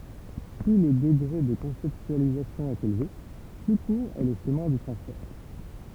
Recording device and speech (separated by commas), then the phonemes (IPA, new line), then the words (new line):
temple vibration pickup, read sentence
ply lə dəɡʁe də kɔ̃sɛptyalizasjɔ̃ ɛt elve ply kuʁ ɛ lə ʃəmɛ̃ dy tʁɑ̃sfɛʁ
Plus le degré de conceptualisation est élevé, plus court est le chemin du transfert.